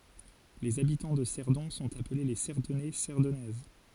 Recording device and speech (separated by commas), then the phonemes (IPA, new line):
forehead accelerometer, read sentence
lez abitɑ̃ də sɛʁdɔ̃ sɔ̃t aple le sɛʁdɔnɛ sɛʁdɔnɛz